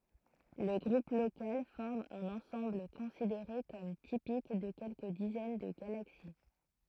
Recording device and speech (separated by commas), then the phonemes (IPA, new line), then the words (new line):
throat microphone, read sentence
lə ɡʁup lokal fɔʁm œ̃n ɑ̃sɑ̃bl kɔ̃sideʁe kɔm tipik də kɛlkə dizɛn də ɡalaksi
Le Groupe local forme un ensemble considéré comme typique de quelques dizaines de galaxies.